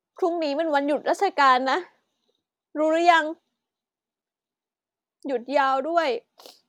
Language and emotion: Thai, sad